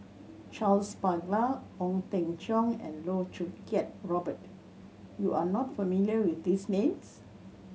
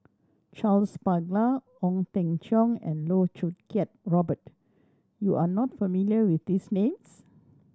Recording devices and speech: mobile phone (Samsung C7100), standing microphone (AKG C214), read sentence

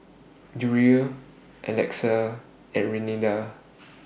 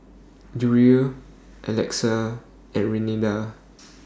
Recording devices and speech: boundary microphone (BM630), standing microphone (AKG C214), read sentence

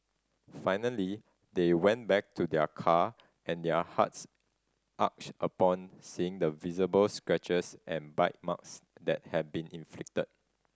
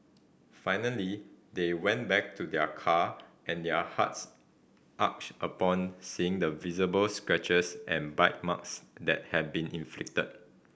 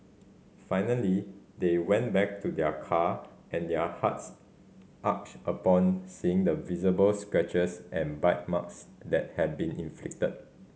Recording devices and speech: standing microphone (AKG C214), boundary microphone (BM630), mobile phone (Samsung C5010), read sentence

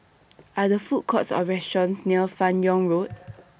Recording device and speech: boundary microphone (BM630), read sentence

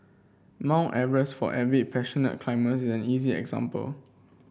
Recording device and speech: boundary microphone (BM630), read sentence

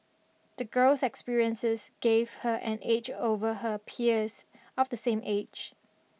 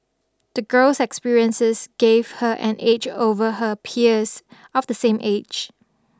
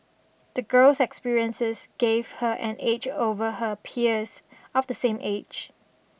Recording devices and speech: mobile phone (iPhone 6), standing microphone (AKG C214), boundary microphone (BM630), read sentence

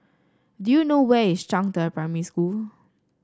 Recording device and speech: standing microphone (AKG C214), read sentence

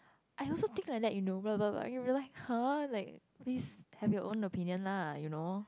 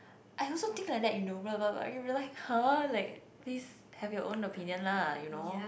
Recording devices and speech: close-talking microphone, boundary microphone, conversation in the same room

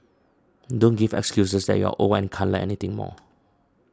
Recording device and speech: standing microphone (AKG C214), read sentence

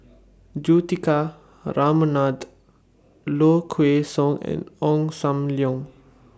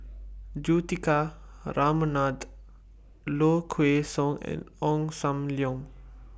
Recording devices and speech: standing microphone (AKG C214), boundary microphone (BM630), read sentence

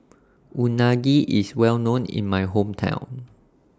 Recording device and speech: standing microphone (AKG C214), read sentence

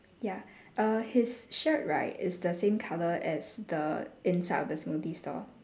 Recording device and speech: standing microphone, conversation in separate rooms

